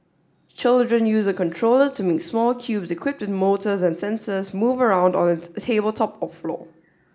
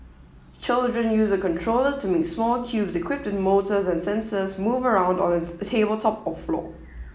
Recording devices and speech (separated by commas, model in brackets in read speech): standing microphone (AKG C214), mobile phone (iPhone 7), read sentence